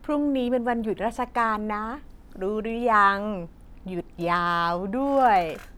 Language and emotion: Thai, happy